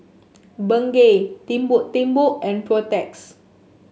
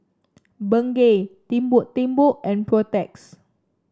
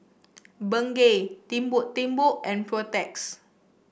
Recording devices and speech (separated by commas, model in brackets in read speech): mobile phone (Samsung S8), standing microphone (AKG C214), boundary microphone (BM630), read sentence